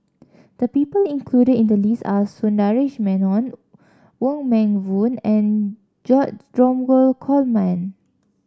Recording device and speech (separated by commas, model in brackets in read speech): standing microphone (AKG C214), read sentence